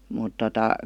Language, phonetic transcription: Finnish, mut tota ,.
- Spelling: mutta tuota

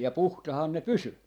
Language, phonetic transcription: Finnish, ja 'puhtahan ne "pysy .
- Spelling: ja puhtaana ne pysyi

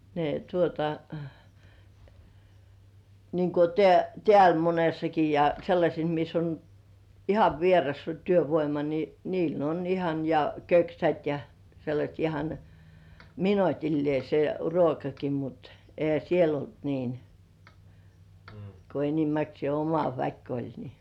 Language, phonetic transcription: Finnish, ne tuota , niiŋ ku teä- "tĕä̀l 'monessaki ja 'sellaśes mis ‿on , "ihav 'vierasta 'työvoima ni , niil on 'ihan , ja "köksät ja , 'sellaśt ihan , "minotillĭè se 'ruokaki mut , 'ehä "siel ‿olt 'niin , ko enimäksĭè "oma 'väk oĺ ni .
- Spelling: ne tuota niin kun - täällä monessakin ja sellaisessa missä on ihan vierasta työvoima niin niillä on ihan ja köksät ja sellaista ihan minuutilleen se ruokakin mutta eihän siellä ollut niin kun enimmäkseen oma väki oli niin

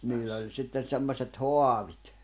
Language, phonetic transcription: Finnish, no , 'niillᵃ̈ oĺ 'sitten̬ 'semmośet "hoavit .
- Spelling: no niillä oli sitten semmoiset haavit

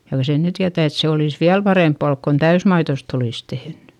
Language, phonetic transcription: Finnish, kyl(hä) sen nyt tiätä̀ et se olìs viäl parèmppà kon täysmaitost ‿olìs tehnY .
- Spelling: kyllähän sen nyt tietää että se olisi vielä parempaa kuin täysmaidosta olisi tehnyt

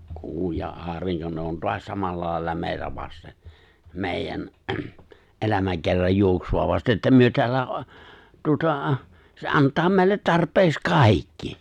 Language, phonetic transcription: Finnish, 'kuu ja '’aariŋko ne on "toas 'samalla làella 'mèi̬tä vaste , 'mèijän , '’elämäkerraj 'juoksu₍a vaste että myö 'teällä , tuota , se '’antaa meille 'tarp̀eeks "kàikki !
- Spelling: kuu ja aurinko ne on taas samalla lailla meitä vasten meidän elämäkerran juoksua vasten että me täällä tuota se antaa meille tarpeeksi kaikki

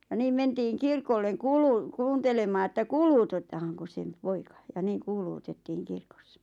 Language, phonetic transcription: Finnish, ja 'niim mentiiŋ 'kirkolleŋ "kuuluu- , "kuuntelemaa että "kuuluutottahaŋkos sem , 'poika ja 'niiŋ "kuuluutettiiŋ 'kirkossᴀ .
- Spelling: ja niin mentiin kirkolle - kuuntelemaan että kuulutetaankos sen poika ja niin kuulutettiin kirkossa

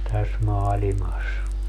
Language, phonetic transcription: Finnish, 'täs 'maalimas .
- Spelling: tässä maailmassa

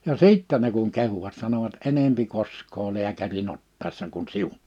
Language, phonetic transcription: Finnish, ja "sìttɛ ne kuŋ 'kehuvat sanovat » 'enempi 'kosk̆koo 'liäkärin ‿ottàissa kuɴ "siun « .
- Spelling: ja sitten ne kun kehuivat sanoivat enemmän koskee lääkärin ottaessa kuin sinun

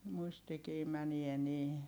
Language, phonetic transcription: Finnish, muistikii mänie nii .
- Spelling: muistikin menee niin

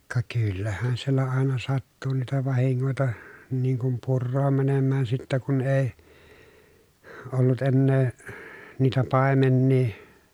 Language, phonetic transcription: Finnish, ka kyllähän siellä àena sattu niitä vahiŋŋòita , niiŋ kum purroom mänemmään sittä kun èi , ollut ennee , niitä pàemennii .
- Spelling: ka kyllähän siellä aina sattui niitä vahinkoja niin kuin puroon menemään sitten kun ei ollut enää niitä paimenia

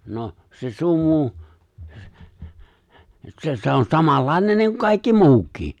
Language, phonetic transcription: Finnish, 'no , se 'sumu , 'se se on 'samallàinen niiŋ kun 'kàikki "muuk̀ii .
- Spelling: no se sumu se se on samanlainen niin kuin kaikki muukin

